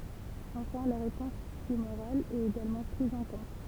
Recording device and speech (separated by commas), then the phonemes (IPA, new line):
temple vibration pickup, read sentence
ɑ̃fɛ̃ la ʁepɔ̃s tymoʁal ɛt eɡalmɑ̃ pʁiz ɑ̃ kɔ̃t